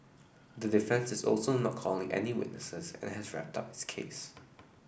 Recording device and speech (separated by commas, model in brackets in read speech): boundary microphone (BM630), read sentence